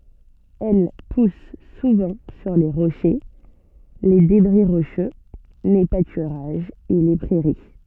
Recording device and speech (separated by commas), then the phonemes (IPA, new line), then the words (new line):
soft in-ear microphone, read sentence
ɛl pus suvɑ̃ syʁ le ʁoʃe le debʁi ʁoʃø le patyʁaʒz e le pʁɛʁi
Elle pousse souvent sur les rochers, les débris rocheux, les pâturages et les prairies.